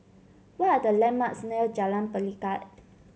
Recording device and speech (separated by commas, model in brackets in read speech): mobile phone (Samsung C7), read sentence